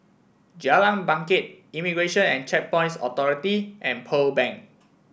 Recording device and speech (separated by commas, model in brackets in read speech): boundary microphone (BM630), read sentence